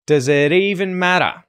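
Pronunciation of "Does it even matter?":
The T in 'it' is a T flap, not a hard T, because it comes between 'it' and 'even'.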